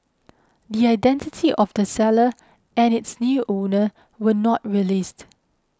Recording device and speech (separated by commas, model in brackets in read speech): close-talking microphone (WH20), read sentence